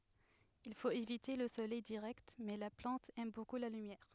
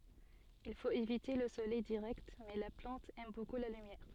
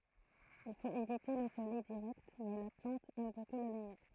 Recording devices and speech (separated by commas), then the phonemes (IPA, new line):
headset microphone, soft in-ear microphone, throat microphone, read sentence
il fot evite lə solɛj diʁɛkt mɛ la plɑ̃t ɛm boku la lymjɛʁ